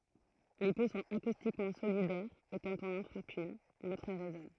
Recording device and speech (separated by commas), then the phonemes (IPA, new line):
throat microphone, read sentence
le po sɔ̃t akustikmɑ̃ solidɛʁz e kɑ̃t ɔ̃n ɑ̃ fʁap yn lotʁ ʁezɔn